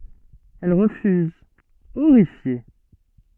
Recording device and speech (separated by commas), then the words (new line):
soft in-ear microphone, read sentence
Elle refuse, horrifiée.